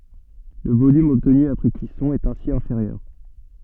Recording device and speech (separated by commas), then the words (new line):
soft in-ear microphone, read sentence
Le volume obtenu après cuisson est ainsi inférieur.